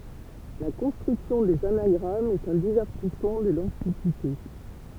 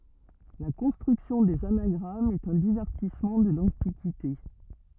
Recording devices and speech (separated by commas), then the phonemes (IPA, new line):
temple vibration pickup, rigid in-ear microphone, read sentence
la kɔ̃stʁyksjɔ̃ dez anaɡʁamz ɛt œ̃ divɛʁtismɑ̃ də lɑ̃tikite